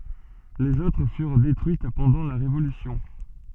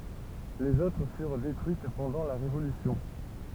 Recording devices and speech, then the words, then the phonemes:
soft in-ear microphone, temple vibration pickup, read sentence
Les autres furent détruites pendant la Révolution.
lez otʁ fyʁ detʁyit pɑ̃dɑ̃ la ʁevolysjɔ̃

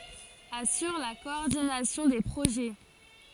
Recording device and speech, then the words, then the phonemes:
forehead accelerometer, read sentence
Assure la coordination des projets.
asyʁ la kɔɔʁdinasjɔ̃ de pʁoʒɛ

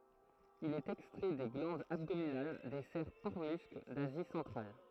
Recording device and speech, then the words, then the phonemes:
throat microphone, read sentence
Il est extrait des glandes abdominales des cerfs porte-musc d'Asie centrale.
il ɛt ɛkstʁɛ de ɡlɑ̃dz abdominal de sɛʁ pɔʁtəmysk dazi sɑ̃tʁal

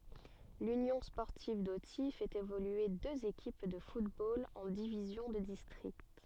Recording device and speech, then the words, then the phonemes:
soft in-ear microphone, read sentence
L'Union sportive d'Authie fait évoluer deux équipes de football en divisions de district.
lynjɔ̃ spɔʁtiv doti fɛt evolye døz ekip də futbol ɑ̃ divizjɔ̃ də distʁikt

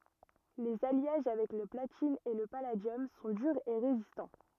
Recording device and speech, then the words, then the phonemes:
rigid in-ear microphone, read sentence
Les alliages avec le platine et le palladium sont durs et résistants.
lez aljaʒ avɛk lə platin e lə paladjɔm sɔ̃ dyʁz e ʁezistɑ̃

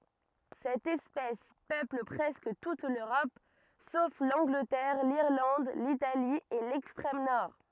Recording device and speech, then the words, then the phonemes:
rigid in-ear microphone, read sentence
Cette espèce peuple presque toute l'Europe, sauf l'Angleterre, l'Irlande, l'Italie et l'extrême Nord.
sɛt ɛspɛs pøpl pʁɛskə tut løʁɔp sof lɑ̃ɡlətɛʁ liʁlɑ̃d litali e lɛkstʁɛm nɔʁ

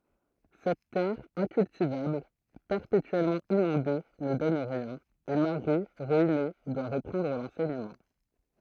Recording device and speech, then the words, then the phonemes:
throat microphone, read sentence
Cette terre incultivable, perpétuellement inondée, ne donne rien, et Marie, ruinée, doit reprendre l’enseignement.
sɛt tɛʁ ɛ̃kyltivabl pɛʁpetyɛlmɑ̃ inɔ̃de nə dɔn ʁiɛ̃n e maʁi ʁyine dwa ʁəpʁɑ̃dʁ lɑ̃sɛɲəmɑ̃

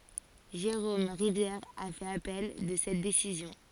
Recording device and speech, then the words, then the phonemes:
forehead accelerometer, read sentence
Jérôme Rivière a fait appel de cette décision.
ʒeʁom ʁivjɛʁ a fɛt apɛl də sɛt desizjɔ̃

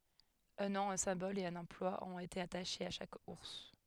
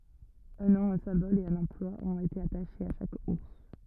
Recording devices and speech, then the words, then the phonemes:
headset microphone, rigid in-ear microphone, read sentence
Un nom, un symbole et un emploi ont été attachés à chaque ours.
œ̃ nɔ̃ œ̃ sɛ̃bɔl e œ̃n ɑ̃plwa ɔ̃t ete ataʃez a ʃak uʁs

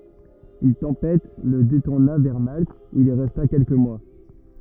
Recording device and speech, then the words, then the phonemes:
rigid in-ear microphone, read sentence
Une tempête le détourna vers Malte, où il resta quelques mois.
yn tɑ̃pɛt lə detuʁna vɛʁ malt u il ʁɛsta kɛlkə mwa

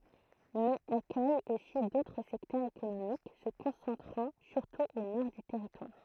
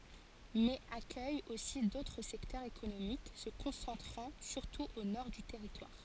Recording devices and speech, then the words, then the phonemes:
throat microphone, forehead accelerometer, read sentence
Mais accueille aussi d'autres secteurs économiques se concentrant surtout au nord du territoire.
mɛz akœj osi dotʁ sɛktœʁz ekonomik sə kɔ̃sɑ̃tʁɑ̃ syʁtu o nɔʁ dy tɛʁitwaʁ

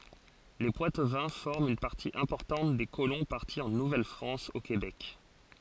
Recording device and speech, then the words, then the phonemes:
forehead accelerometer, read sentence
Les Poitevins forment une partie importante des colons partis en Nouvelle-France au Québec.
le pwatvɛ̃ fɔʁmt yn paʁti ɛ̃pɔʁtɑ̃t de kolɔ̃ paʁti ɑ̃ nuvɛlfʁɑ̃s o kebɛk

